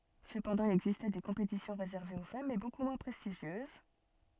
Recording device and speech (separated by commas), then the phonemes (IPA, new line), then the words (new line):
soft in-ear microphone, read sentence
səpɑ̃dɑ̃ il ɛɡzistɛ de kɔ̃petisjɔ̃ ʁezɛʁvez o fam mɛ boku mwɛ̃ pʁɛstiʒjøz
Cependant, il existait des compétitions réservées aux femmes mais beaucoup moins prestigieuses.